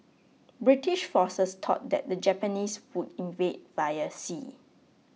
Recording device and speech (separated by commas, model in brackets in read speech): mobile phone (iPhone 6), read sentence